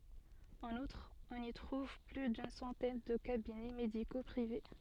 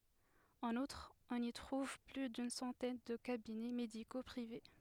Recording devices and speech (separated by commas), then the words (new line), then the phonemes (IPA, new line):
soft in-ear microphone, headset microphone, read sentence
En outre, on y trouve plus d'une centaine de cabinets médicaux privés.
ɑ̃n utʁ ɔ̃n i tʁuv ply dyn sɑ̃tɛn də kabinɛ mediko pʁive